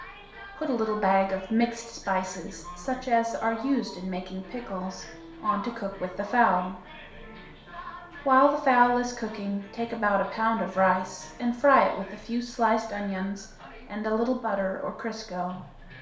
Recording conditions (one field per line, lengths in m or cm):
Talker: one person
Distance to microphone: 1.0 m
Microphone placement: close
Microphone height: 1.1 m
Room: small (3.7 m by 2.7 m)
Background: television